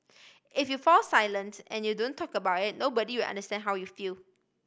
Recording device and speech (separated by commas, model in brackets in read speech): boundary microphone (BM630), read sentence